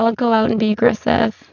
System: VC, spectral filtering